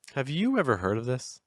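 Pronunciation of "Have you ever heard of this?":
In 'Have you ever heard of this?', the pitch starts high, goes down, and then finishes a little higher.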